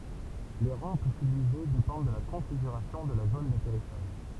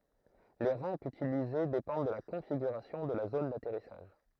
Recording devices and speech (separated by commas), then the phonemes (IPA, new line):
temple vibration pickup, throat microphone, read sentence
le ʁɑ̃pz ytilize depɑ̃d də la kɔ̃fiɡyʁasjɔ̃ də la zon datɛʁisaʒ